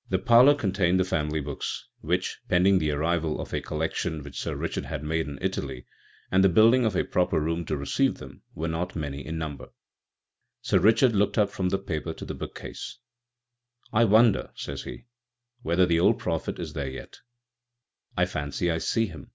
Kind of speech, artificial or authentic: authentic